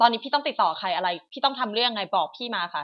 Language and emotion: Thai, angry